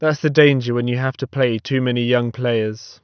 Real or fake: real